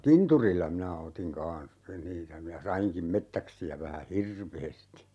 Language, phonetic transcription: Finnish, "kinturilla 'minä 'otiŋ "kaa̰s , niitä minä 'saiŋkim "mettäksi₍ä vähä "hirveesti .
- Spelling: kinturilla minä otin kanssa niitä minä sainkin metsäksiä vähän hirveästi

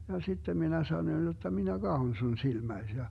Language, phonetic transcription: Finnish, ja 'sittem minä 'sanoⁱn jotta » minä "Gahon sun 'silmäis » ja , .
- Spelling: ja sitten minä sanoin jotta minä katson sinun silmäsi ja

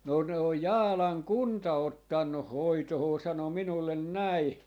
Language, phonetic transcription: Finnish, » no 'ne oj "Jaalaŋ "kunta 'ottannuh "hoitohoo » 'sano 'minullen "näi .
- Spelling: no ne on Jaalan kunta ottanut hoitoon sanoi minulle näin

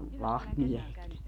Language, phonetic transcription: Finnish, "lahtmiehetki .
- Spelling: lahtimiehetkin

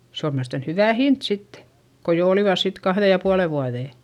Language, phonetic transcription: Finnish, se om miälestän hyvä̀ hint sittE , ko jo olivàs sit kahδe ja puale vuaδè .
- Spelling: se on mielestäni hyvä hinta sitten kun jo olivat sitten kahden ja puolen vuoden

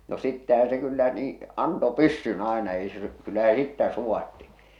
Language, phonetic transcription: Finnish, no 'sittähää̰ se kyllä nii , 'anto "pyssyn aena ei se , kyllä se "sittä 'suwatti .
- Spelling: no sittenhän se kyllä niin antoi pyssyn aina ei se kyllä se sitten sulatti

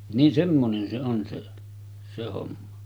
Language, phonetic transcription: Finnish, nin 'semmonen se on se , 'se homma .
- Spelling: niin semmoinen se on se se homma

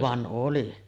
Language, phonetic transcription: Finnish, "van '’oli .
- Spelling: vaan oli

